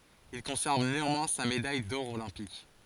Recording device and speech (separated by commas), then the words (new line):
forehead accelerometer, read sentence
Il conserve néanmoins sa médaille d'or olympique.